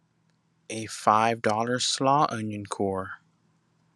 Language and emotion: English, angry